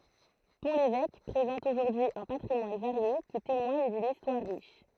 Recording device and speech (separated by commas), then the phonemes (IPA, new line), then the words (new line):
throat microphone, read sentence
pɔ̃ levɛk pʁezɑ̃t oʒuʁdyi œ̃ patʁimwan vaʁje ki temwaɲ dyn istwaʁ ʁiʃ
Pont-l'Évêque présente aujourd'hui un patrimoine varié qui témoigne d'une histoire riche.